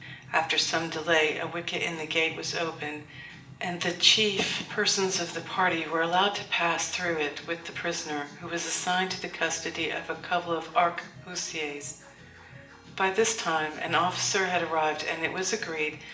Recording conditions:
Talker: one person; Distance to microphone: 1.8 m; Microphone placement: close; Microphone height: 1.0 m; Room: large; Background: music

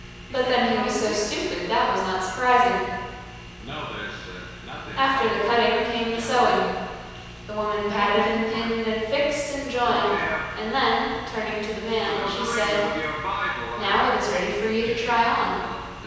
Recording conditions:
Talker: one person; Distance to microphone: 7.1 m; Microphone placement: far; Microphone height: 1.7 m; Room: very reverberant, large; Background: television

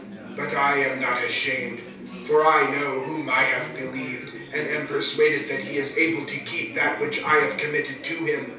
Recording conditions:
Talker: one person; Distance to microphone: 3.0 m; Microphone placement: far; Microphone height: 1.8 m; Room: small (3.7 m by 2.7 m); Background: babble

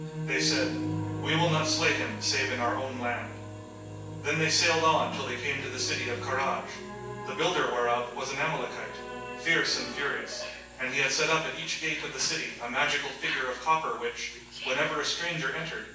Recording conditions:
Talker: one person; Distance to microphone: 9.8 m; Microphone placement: far; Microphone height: 1.8 m; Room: large; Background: television

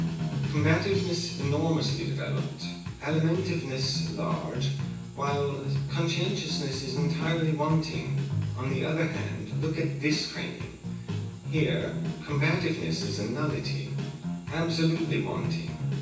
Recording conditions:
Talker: one person; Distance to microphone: 9.8 m; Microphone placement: far; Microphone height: 1.8 m; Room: large; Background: music

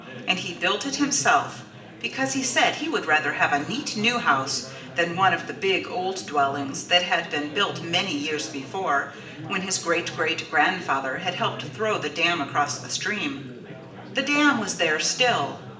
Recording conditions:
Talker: one person; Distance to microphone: 1.8 m; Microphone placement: close; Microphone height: 1.0 m; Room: large; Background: babble

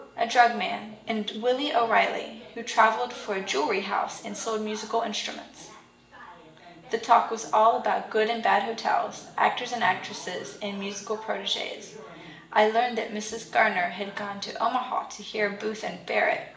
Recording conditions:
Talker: one person; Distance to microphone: 1.8 m; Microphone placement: close; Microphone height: 1.0 m; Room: large; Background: television

